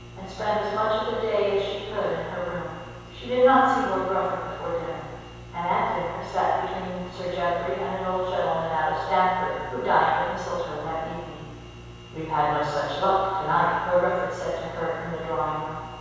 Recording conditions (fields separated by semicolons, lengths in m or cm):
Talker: one person; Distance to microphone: 7.1 m; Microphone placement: far; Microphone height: 1.7 m; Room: very reverberant, large; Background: none